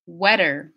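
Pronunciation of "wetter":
In 'wetter', the middle consonant is a flap T, not a voiced th sound.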